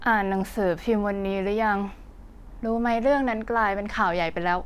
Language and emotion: Thai, frustrated